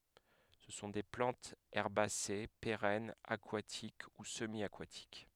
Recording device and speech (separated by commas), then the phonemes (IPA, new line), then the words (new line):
headset microphone, read sentence
sə sɔ̃ de plɑ̃tz ɛʁbase peʁɛnz akwatik u səmjakatik
Ce sont des plantes herbacées, pérennes, aquatiques ou semi-aquatiques.